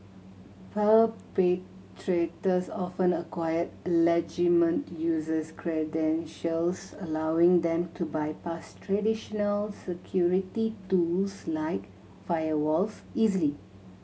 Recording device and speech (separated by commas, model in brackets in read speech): mobile phone (Samsung C7100), read sentence